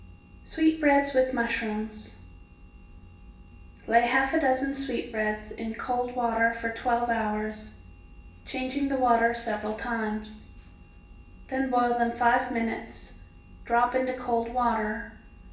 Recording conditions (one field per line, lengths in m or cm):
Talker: one person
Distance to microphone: 1.8 m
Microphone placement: close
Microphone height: 1.0 m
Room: large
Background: none